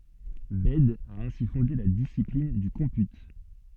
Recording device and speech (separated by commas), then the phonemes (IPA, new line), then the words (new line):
soft in-ear microphone, read sentence
bɛd a ɛ̃si fɔ̃de la disiplin dy kɔ̃py
Bède a ainsi fondé la discipline du comput.